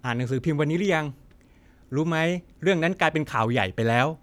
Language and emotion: Thai, neutral